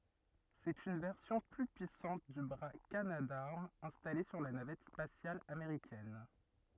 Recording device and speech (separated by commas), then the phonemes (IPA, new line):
rigid in-ear microphone, read sentence
sɛt yn vɛʁsjɔ̃ ply pyisɑ̃t dy bʁa kanadaʁm ɛ̃stale syʁ la navɛt spasjal ameʁikɛn